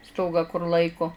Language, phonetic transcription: Lithuanian, ˈstogą kur ˈlaiko

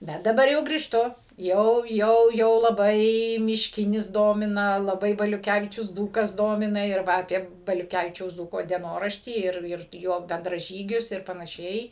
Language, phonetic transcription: Lithuanian, ˈbet daˈbar jau grįžˈtu ˈjau ˈjau jau laˈbai mišˈkinis ˈdomina laˈbai baliuˈkævičius ˈdzūkas ˈdomina ir ˈva aˈpie baliuˈkævičiaus ˈdzūko dieˈnoraštį ˈir ˈir ˈjo bendraˈžygius ir panaˈšiai

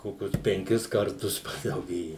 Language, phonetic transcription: Lithuanian, ˈkokius penˈkis karˈtus padauˈgėje

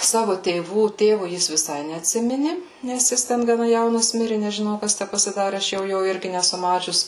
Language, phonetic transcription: Lithuanian, ˈsavu tėˈvų ˈtėvu ˈjis viˈsai neatˈsimini nes ˈjis ˈten gaˈna jauˈnas ˈmiri nežiˈnau ˈkas tæ pasiˈdari ˈaš ˈjau ˈjo ˈirgi neˈsu ˈmačius

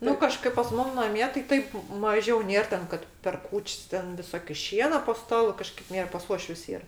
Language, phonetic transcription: Lithuanian, ˈnu kaˈžkaip pas ˈmum naˈmie tai ˈtaip ˈmažiau ˈnėr ˈten ˈkad per ˈkūč's' ˈten viˈsoki ˈšiena po ˈstalu ˈkažkaip ˈnėr pas ˈuošvius ˈyr

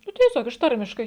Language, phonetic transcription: Lithuanian, ˈnu tieˈsiog iš ˈtarmiškai

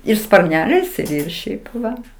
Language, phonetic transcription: Lithuanian, ir sparˈneliais ir ir ˈšiaip ˈva

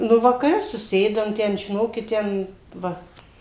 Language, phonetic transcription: Lithuanian, ˈnu vakaˈre suˈsėdam ˈten žiˈnokit ˈten ˈva

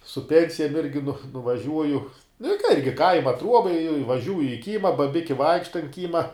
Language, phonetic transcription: Lithuanian, su ˈpensijam irgi nu nuvaˈžiuoju nu i ka ˈirgi ˈkaima ˈtruoba i ivaˈžiūji i ˈkyma baˈbiki ˈvaikšta ant ˈkyma

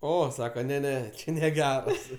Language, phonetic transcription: Lithuanian, ˈo ˈsaka ne ˈne ˈčia neˈgeras

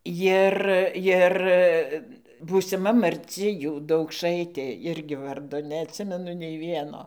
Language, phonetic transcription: Lithuanian, ˈjir ˈjir būsiˈma marˈci ˈjų daukˈšaitė ˈirgi ˈvardo neatˈsimenu nei ˈvieno

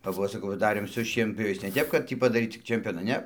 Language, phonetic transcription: Lithuanian, kap ˈva saˈkau va ˈdarėm su šienpjoˈviais ne ˈtep kad ˈtį padaˈryt tik čemˈpiona ˈne

